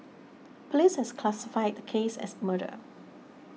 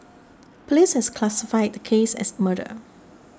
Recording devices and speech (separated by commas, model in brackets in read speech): mobile phone (iPhone 6), standing microphone (AKG C214), read sentence